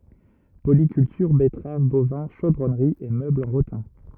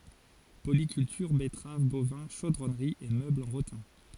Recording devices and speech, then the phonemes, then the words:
rigid in-ear microphone, forehead accelerometer, read sentence
polikyltyʁ bɛtʁav bovɛ̃ ʃodʁɔnʁi e møblz ɑ̃ ʁotɛ̃
Polyculture, betteraves, bovins, chaudronnerie et meubles en rotin.

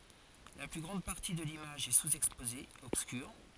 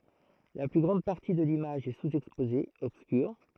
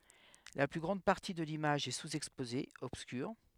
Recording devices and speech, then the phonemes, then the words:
forehead accelerometer, throat microphone, headset microphone, read sentence
la ply ɡʁɑ̃d paʁti də limaʒ ɛ suzɛkspoze ɔbskyʁ
La plus grande partie de l'image est sous-exposée, obscure.

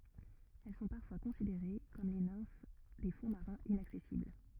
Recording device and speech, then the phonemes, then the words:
rigid in-ear microphone, read sentence
ɛl sɔ̃ paʁfwa kɔ̃sideʁe kɔm le nɛ̃f de fɔ̃ maʁɛ̃z inaksɛsibl
Elles sont parfois considérées comme les nymphes des fonds marins inaccessibles.

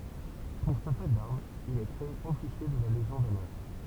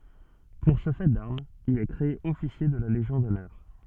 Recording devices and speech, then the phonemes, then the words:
temple vibration pickup, soft in-ear microphone, read sentence
puʁ sə fɛ daʁmz il ɛ kʁee ɔfisje də la leʒjɔ̃ dɔnœʁ
Pour ce fait d'armes, il est créé officier de la Légion d'honneur.

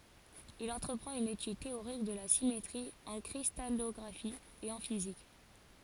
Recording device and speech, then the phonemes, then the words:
forehead accelerometer, read sentence
il ɑ̃tʁəpʁɑ̃t yn etyd teoʁik də la simetʁi ɑ̃ kʁistalɔɡʁafi e ɑ̃ fizik
Il entreprend une étude théorique de la symétrie en cristallographie et en physique.

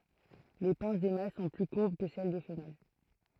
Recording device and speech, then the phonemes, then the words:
throat microphone, read sentence
le pɛ̃s de mal sɔ̃ ply kuʁb kə sɛl de fəmɛl
Les pinces des mâles sont plus courbes que celles des femelles.

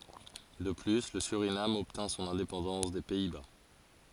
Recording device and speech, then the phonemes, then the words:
forehead accelerometer, read sentence
də ply lə syʁinam ɔbtɛ̃ sɔ̃n ɛ̃depɑ̃dɑ̃s de pɛi ba
De plus, le Suriname obtint son indépendance des Pays-Bas.

